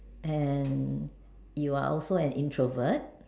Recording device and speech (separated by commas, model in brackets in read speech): standing microphone, conversation in separate rooms